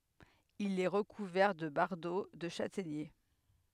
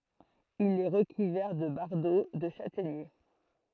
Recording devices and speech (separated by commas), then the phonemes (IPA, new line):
headset microphone, throat microphone, read sentence
il ɛ ʁəkuvɛʁ də baʁdo də ʃatɛɲe